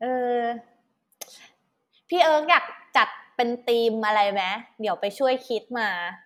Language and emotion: Thai, neutral